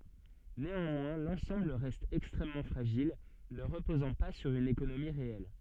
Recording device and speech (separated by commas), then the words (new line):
soft in-ear microphone, read sentence
Néanmoins, l'ensemble reste extrêmement fragile, ne reposant pas sur une économie réelle.